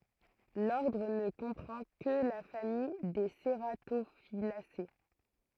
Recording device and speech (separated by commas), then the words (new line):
throat microphone, read sentence
L'ordre ne comprend que la famille des cératophyllacées.